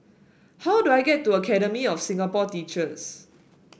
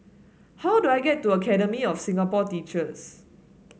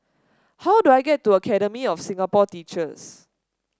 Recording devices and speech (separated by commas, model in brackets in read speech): boundary microphone (BM630), mobile phone (Samsung S8), standing microphone (AKG C214), read sentence